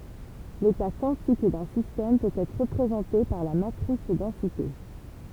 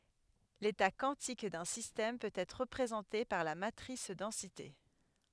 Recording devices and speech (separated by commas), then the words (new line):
temple vibration pickup, headset microphone, read sentence
L'état quantique d'un système peut être représenté par la matrice densité.